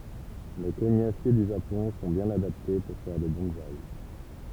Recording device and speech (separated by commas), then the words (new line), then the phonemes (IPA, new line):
temple vibration pickup, read sentence
Les cognassiers du Japon sont bien adaptés pour faire des bonsaï.
le koɲasje dy ʒapɔ̃ sɔ̃ bjɛ̃n adapte puʁ fɛʁ de bɔ̃saj